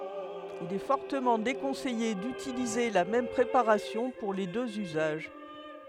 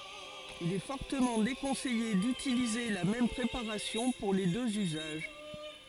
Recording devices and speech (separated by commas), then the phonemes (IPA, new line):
headset microphone, forehead accelerometer, read sentence
il ɛ fɔʁtəmɑ̃ dekɔ̃sɛje dytilize la mɛm pʁepaʁasjɔ̃ puʁ le døz yzaʒ